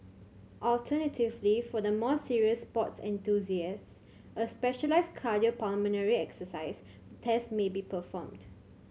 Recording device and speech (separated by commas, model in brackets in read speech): mobile phone (Samsung C7100), read sentence